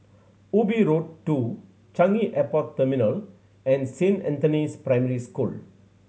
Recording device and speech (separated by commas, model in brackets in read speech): mobile phone (Samsung C7100), read sentence